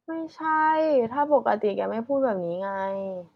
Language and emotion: Thai, frustrated